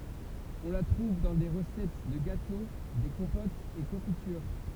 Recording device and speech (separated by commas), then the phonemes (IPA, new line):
temple vibration pickup, read sentence
ɔ̃ la tʁuv dɑ̃ de ʁəsɛt də ɡato de kɔ̃potz e kɔ̃fityʁ